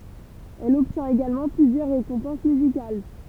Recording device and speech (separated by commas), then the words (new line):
temple vibration pickup, read sentence
Elle obtient également plusieurs récompenses musicales.